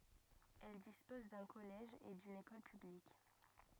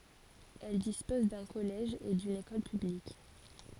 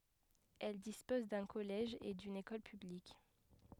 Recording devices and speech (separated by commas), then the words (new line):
rigid in-ear microphone, forehead accelerometer, headset microphone, read sentence
Elle dispose d'un collège et d'une école publique.